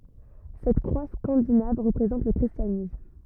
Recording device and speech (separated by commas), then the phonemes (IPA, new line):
rigid in-ear microphone, read sentence
sɛt kʁwa skɑ̃dinav ʁəpʁezɑ̃t lə kʁistjanism